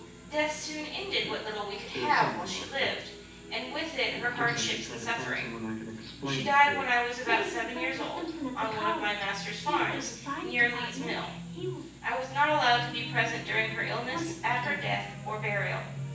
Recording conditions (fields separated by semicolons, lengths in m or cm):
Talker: one person; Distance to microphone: 9.8 m; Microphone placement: far; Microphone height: 1.8 m; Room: large; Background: television